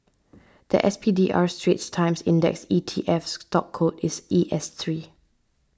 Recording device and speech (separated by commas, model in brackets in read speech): standing microphone (AKG C214), read sentence